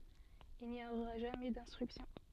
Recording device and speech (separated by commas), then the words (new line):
soft in-ear microphone, read sentence
Il n'y aura jamais d'instruction.